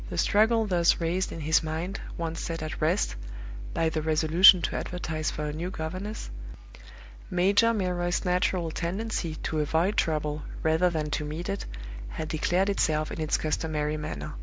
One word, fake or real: real